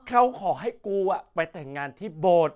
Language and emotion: Thai, angry